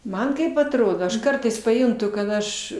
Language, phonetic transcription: Lithuanian, ˈman ˈkaip atˈrodo aš ˈkartais paˈjuntu kad ˈaš

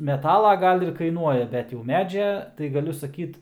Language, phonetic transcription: Lithuanian, meˈtala ˈgal ir kaiˈnuoja ˈbet jau ˈmedžia tai gaˈliu saˈkyt

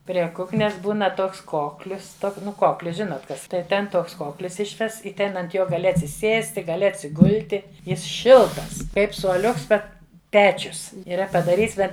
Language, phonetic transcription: Lithuanian, prie ˈkuknes ˈbūna ˈtoks ˈkoklius ˈtok ˈnu ˈkoklius ˈžinot ˈkas tai ˈten ˈtoks ˈkoklis ˈišvests i ˈten ant ˈjo gaˈli atsiˈsėsti gaˈli atsiˈgulti ˈjis ˈšiltas ˈkaip suoˈliuks ˈbet ˈpečius yˈra padaˈryts ˈbet

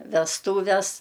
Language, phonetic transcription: Lithuanian, vesˈtūves

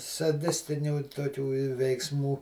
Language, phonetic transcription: Lithuanian, saˈdistinių toˈkių i veikˈsmų

